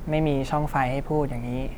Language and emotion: Thai, frustrated